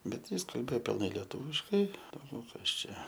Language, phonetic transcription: Lithuanian, ˈbet ˈjis kalˈbėo pilˈnai lieˈtūviškai dauˈgiau ˈkas ˈčia

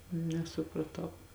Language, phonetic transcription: Lithuanian, nesupraˈtau

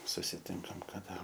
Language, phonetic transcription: Lithuanian, susiˈtinkam kaˈda

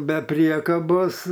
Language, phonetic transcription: Lithuanian, be ˈpriekabos

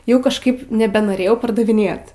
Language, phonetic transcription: Lithuanian, ˈjau kažˈkaip nebenoˈrėjau pardaviˈnėt

